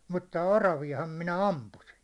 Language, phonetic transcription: Finnish, mutta "oravi₍aham 'minä "ampusin̬ .
- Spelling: mutta oraviahan minä ammuin

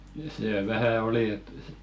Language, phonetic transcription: Finnish, see 'vähä "oli et si- ,.
- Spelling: se vähän oli että -

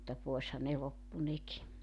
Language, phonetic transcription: Finnish, mutta 'poesha ne 'loppu 'neki .
- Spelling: mutta poishan ne loppui nekin

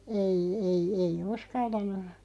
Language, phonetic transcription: Finnish, ei ei ei 'uskaltan̆nu ,.
- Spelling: ei ei ei uskaltanut

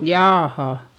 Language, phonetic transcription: Finnish, "jaa"ha .
- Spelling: jaaha

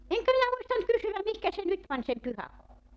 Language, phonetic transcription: Finnish, 'eŋkä minä muistant 'kysywäm 'mihkä se 'nyt pań sem 'pyhäkoulu .
- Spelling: enkä minä muistanut kysyä mihinkä se nyt pani sen pyhäkoulun

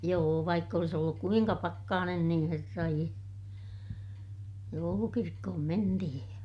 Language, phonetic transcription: Finnish, joo vaikk ‿olis olluk kuiŋka pakkaanen niḭ herra ie , joulukirkkohom mentihij ja ,.
- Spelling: joo vaikka olisi ollut kuinka pakkanen niin herra ie joulukirkkoon mentiin ja

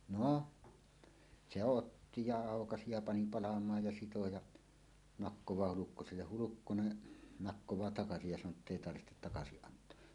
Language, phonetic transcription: Finnish, no , "se "otti ja 'àokasi ja 'pani 'palam̀aaj ja 'sito ja , "nakkowaa Hulukkoselleh "Hulukkone , 'nakkowaa "takasij ja san̆noo ‿ttèi tarvɪhtet 'takasiˀ 'ˀant̀oa .
- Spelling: no se otti ja aukaisi ja pani palamaan ja sitoi ja nakkaa Hulkkoselle Hulkkonen nakkaa takaisin ja sanoo että ei tarvitse takaisin antaa

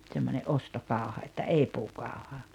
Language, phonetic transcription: Finnish, ᵗsemmońe’ "’ostokàu̬ha että "ei 'puukàu̬ha .
- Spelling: semmoinen ostokauha että ei puukauha

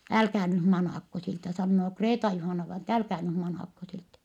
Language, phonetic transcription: Finnish, » älkää nyh manàkko siltä » sannoo Kreeta-Juhàna-vaina että » älkää nym manàkko siltä » .
- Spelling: älkää nyt manatko siltä sanoo Kreeta-Juhana-vainaja että älkää nyt manatko siltä

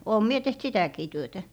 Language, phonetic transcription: Finnish, oom 'mie 'teht "sitä̀kii 'työtä .
- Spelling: olen minä tehnyt sitäkin työtä

